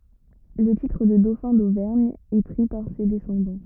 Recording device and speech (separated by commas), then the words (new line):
rigid in-ear microphone, read sentence
Le titre de dauphin d'Auvergne est pris par ses descendants.